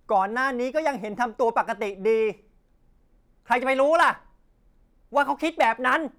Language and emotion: Thai, angry